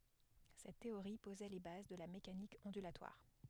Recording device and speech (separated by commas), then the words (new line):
headset microphone, read sentence
Cette théorie posait les bases de la mécanique ondulatoire.